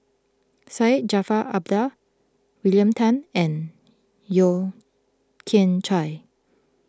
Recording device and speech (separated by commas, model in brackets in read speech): close-talking microphone (WH20), read sentence